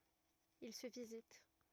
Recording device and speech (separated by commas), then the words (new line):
rigid in-ear microphone, read sentence
Il se visite.